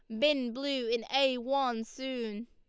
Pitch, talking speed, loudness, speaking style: 255 Hz, 160 wpm, -32 LUFS, Lombard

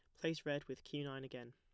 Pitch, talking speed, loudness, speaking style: 140 Hz, 270 wpm, -45 LUFS, plain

